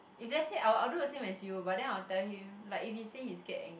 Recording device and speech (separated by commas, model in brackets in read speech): boundary microphone, conversation in the same room